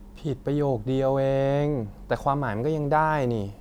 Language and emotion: Thai, frustrated